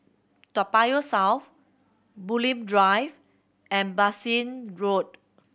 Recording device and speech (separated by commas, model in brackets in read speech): boundary microphone (BM630), read sentence